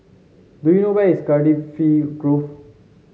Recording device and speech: mobile phone (Samsung C7), read sentence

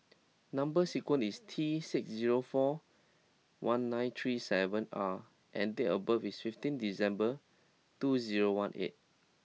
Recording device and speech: mobile phone (iPhone 6), read sentence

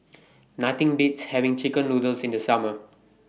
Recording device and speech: mobile phone (iPhone 6), read sentence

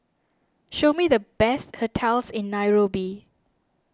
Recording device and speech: standing microphone (AKG C214), read sentence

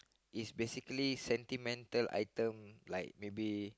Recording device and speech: close-talking microphone, conversation in the same room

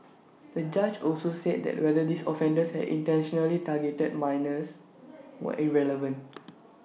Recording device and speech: mobile phone (iPhone 6), read sentence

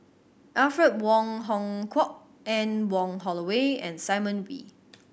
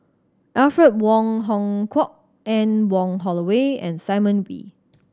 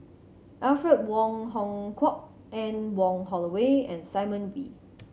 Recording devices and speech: boundary microphone (BM630), standing microphone (AKG C214), mobile phone (Samsung C7100), read sentence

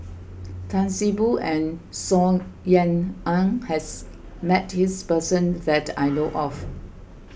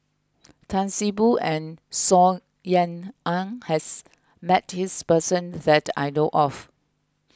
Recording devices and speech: boundary microphone (BM630), close-talking microphone (WH20), read sentence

